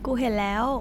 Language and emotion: Thai, neutral